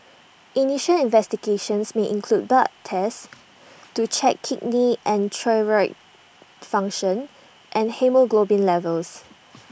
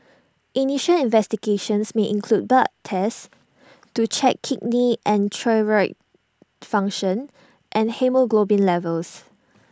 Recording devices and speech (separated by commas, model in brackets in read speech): boundary microphone (BM630), standing microphone (AKG C214), read sentence